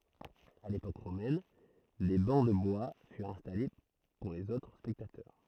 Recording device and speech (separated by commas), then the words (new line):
throat microphone, read sentence
À l'époque romaine, des bancs de bois furent installés pour les autres spectateurs.